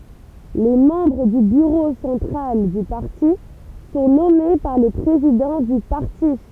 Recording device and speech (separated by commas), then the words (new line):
temple vibration pickup, read sentence
Les membres du bureau central du parti sont nommés par le président du parti.